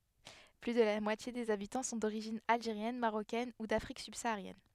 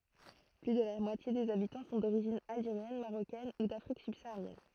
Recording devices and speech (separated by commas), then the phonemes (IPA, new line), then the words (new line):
headset microphone, throat microphone, read sentence
ply də la mwatje dez abitɑ̃ sɔ̃ doʁiʒin alʒeʁjɛn maʁokɛn u dafʁik sybsaaʁjɛn
Plus de la moitié des habitants sont d'origine algérienne, marocaine ou d'Afrique subsaharienne.